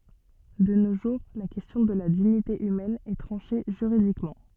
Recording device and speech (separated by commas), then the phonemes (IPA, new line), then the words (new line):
soft in-ear microphone, read sentence
də no ʒuʁ la kɛstjɔ̃ də la diɲite ymɛn ɛ tʁɑ̃ʃe ʒyʁidikmɑ̃
De nos jours la question de la dignité humaine est tranchée juridiquement.